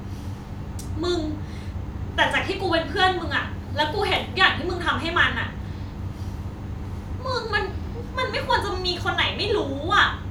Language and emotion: Thai, angry